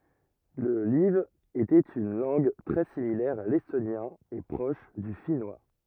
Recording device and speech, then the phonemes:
rigid in-ear microphone, read sentence
lə laiv etɛt yn lɑ̃ɡ tʁɛ similɛʁ a lɛstonjɛ̃ e pʁɔʃ dy finwa

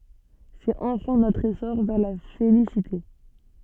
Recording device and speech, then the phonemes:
soft in-ear microphone, read sentence
sɛt ɑ̃fɛ̃ notʁ esɔʁ vɛʁ la felisite

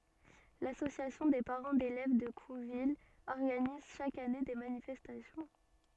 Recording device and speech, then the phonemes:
soft in-ear microphone, read sentence
lasosjasjɔ̃ de paʁɑ̃ delɛv də kuvil ɔʁɡaniz ʃak ane de manifɛstasjɔ̃

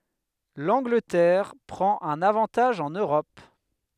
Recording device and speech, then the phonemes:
headset microphone, read sentence
lɑ̃ɡlətɛʁ pʁɑ̃t œ̃n avɑ̃taʒ ɑ̃n øʁɔp

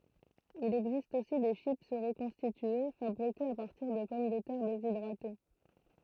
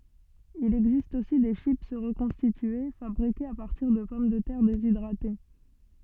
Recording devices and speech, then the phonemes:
throat microphone, soft in-ear microphone, read sentence
il ɛɡzist osi de ʃip ʁəkɔ̃stitye fabʁikez a paʁtiʁ də pɔm də tɛʁ dezidʁate

